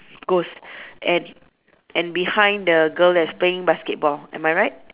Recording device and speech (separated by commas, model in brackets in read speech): telephone, conversation in separate rooms